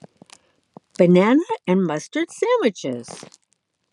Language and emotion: English, neutral